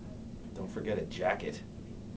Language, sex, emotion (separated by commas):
English, male, disgusted